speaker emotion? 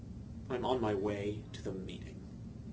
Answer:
disgusted